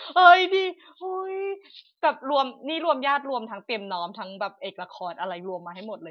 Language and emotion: Thai, happy